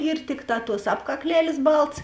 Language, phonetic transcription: Lithuanian, ir ˈtikˌtā tuos apkakˈlelės ˈbaltas

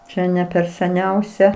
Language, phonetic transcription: Lithuanian, ˈčia ne per seˈniausia

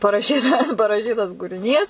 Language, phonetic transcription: Lithuanian, paraˈšytas paraˈšytas kūriˈnys

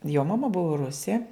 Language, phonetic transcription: Lithuanian, jo maˈma ˈbuvo ˈrusė

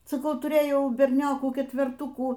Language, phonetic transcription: Lithuanian, saˈkau tuˈrėjau berˈniokų ketverˈtukų

